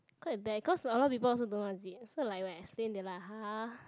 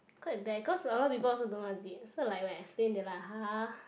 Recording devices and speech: close-talking microphone, boundary microphone, conversation in the same room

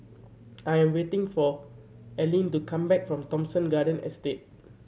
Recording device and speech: mobile phone (Samsung C7100), read sentence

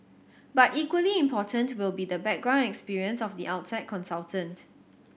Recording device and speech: boundary microphone (BM630), read sentence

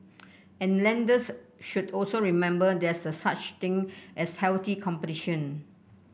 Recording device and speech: boundary microphone (BM630), read sentence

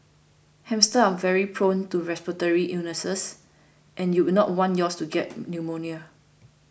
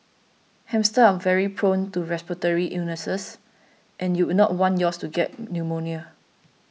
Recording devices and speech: boundary microphone (BM630), mobile phone (iPhone 6), read sentence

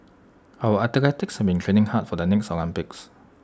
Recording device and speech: standing microphone (AKG C214), read sentence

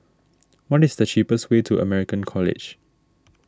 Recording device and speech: standing microphone (AKG C214), read sentence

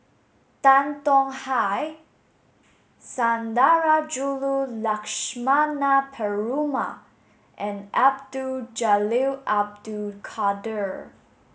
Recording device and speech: mobile phone (Samsung S8), read sentence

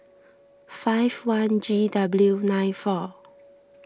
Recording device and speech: standing microphone (AKG C214), read sentence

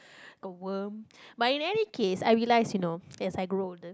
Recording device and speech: close-talking microphone, conversation in the same room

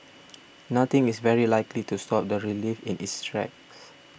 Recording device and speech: boundary microphone (BM630), read sentence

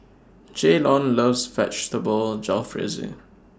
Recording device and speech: standing microphone (AKG C214), read sentence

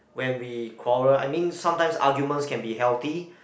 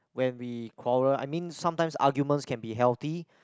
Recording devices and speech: boundary microphone, close-talking microphone, conversation in the same room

